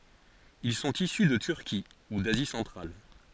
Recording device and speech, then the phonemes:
forehead accelerometer, read sentence
il sɔ̃t isy də tyʁki u dazi sɑ̃tʁal

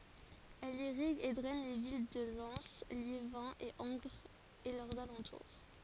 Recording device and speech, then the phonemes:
forehead accelerometer, read sentence
ɛl iʁiɡ e dʁɛn le vil də lɛn ljevɛ̃ e ɑ̃ɡʁz e lœʁz alɑ̃tuʁ

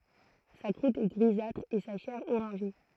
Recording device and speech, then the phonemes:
throat microphone, read sentence
sa kʁut ɛ ɡʁizatʁ e sa ʃɛʁ oʁɑ̃ʒe

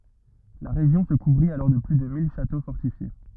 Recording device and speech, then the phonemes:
rigid in-ear microphone, read sentence
la ʁeʒjɔ̃ sə kuvʁit alɔʁ də ply də mil ʃato fɔʁtifje

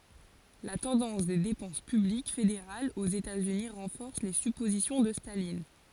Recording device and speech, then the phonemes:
forehead accelerometer, read sentence
la tɑ̃dɑ̃s de depɑ̃s pyblik fedeʁalz oz etaz yni ʁɑ̃fɔʁs le sypozisjɔ̃ də stalin

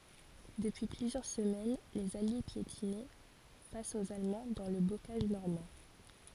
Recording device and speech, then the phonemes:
forehead accelerometer, read sentence
dəpyi plyzjœʁ səmɛn lez alje pjetinɛ fas oz almɑ̃ dɑ̃ lə bokaʒ nɔʁmɑ̃

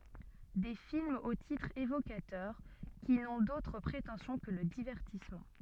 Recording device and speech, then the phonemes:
soft in-ear microphone, read sentence
de filmz o titʁz evokatœʁ ki nɔ̃ dotʁ pʁetɑ̃sjɔ̃ kə lə divɛʁtismɑ̃

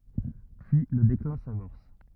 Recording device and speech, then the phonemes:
rigid in-ear microphone, read sentence
pyi lə deklɛ̃ samɔʁs

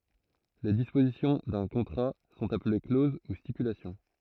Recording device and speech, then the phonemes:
throat microphone, read sentence
le dispozisjɔ̃ dœ̃ kɔ̃tʁa sɔ̃t aple kloz u stipylasjɔ̃

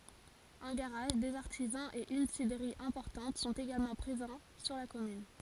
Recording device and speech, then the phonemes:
forehead accelerometer, read sentence
œ̃ ɡaʁaʒ dez aʁtizɑ̃z e yn sidʁəʁi ɛ̃pɔʁtɑ̃t sɔ̃t eɡalmɑ̃ pʁezɑ̃ syʁ la kɔmyn

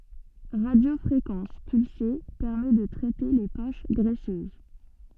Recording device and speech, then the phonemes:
soft in-ear microphone, read sentence
ʁadjofʁekɑ̃s pylse pɛʁmɛ də tʁɛte le poʃ ɡʁɛsøz

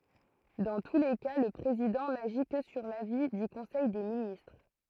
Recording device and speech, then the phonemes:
throat microphone, read sentence
dɑ̃ tu le ka lə pʁezidɑ̃ naʒi kə syʁ lavi dy kɔ̃sɛj de ministʁ

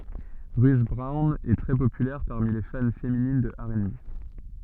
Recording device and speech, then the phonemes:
soft in-ear microphone, read sentence
ʁyt bʁɔwn ɛ tʁɛ popylɛʁ paʁmi le fan feminin də ɛʁ e be

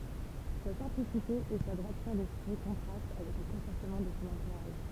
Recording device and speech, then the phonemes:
temple vibration pickup, read sentence
sa sɛ̃plisite e sa dʁwatyʁ dɛspʁi kɔ̃tʁast avɛk lə kɔ̃pɔʁtəmɑ̃ də sɔ̃ ɑ̃tuʁaʒ

